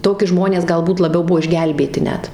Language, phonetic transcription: Lithuanian, ˈtoki ˈžmonės galˈbūt laˈbiau ˈbuo išˈgelbėti ˈnet

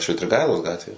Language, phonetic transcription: Lithuanian, švitriˈgailos ˈgatvė

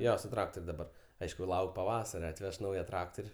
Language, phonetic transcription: Lithuanian, ˈjo su traktor' daˈbar ˈaišku ˈlauk' paˈvasare atˈveš ˈnauja ˈtraktor'

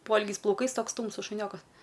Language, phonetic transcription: Lithuanian, ˈpoilgiais plauˈkais ˈtoks ˈtūmsus šuˈniokas

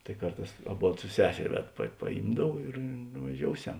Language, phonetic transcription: Lithuanian, tai ˈkarˌtās aˈbod su ˈseser' ˈved pa paˈjymdav ir nuvaˈžiouˌsem

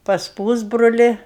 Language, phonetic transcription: Lithuanian, pas ˈpūsbroli

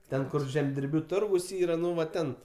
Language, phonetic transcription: Lithuanian, ˈten ˈkur žemdirˈbių ˈturgus ˈyra ˈnu va ˈten

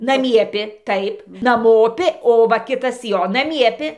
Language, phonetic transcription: Lithuanian, naˈmiepi ˈtaip naˈmopi o ˈva ˈkitas ˈjo naˈmiepi

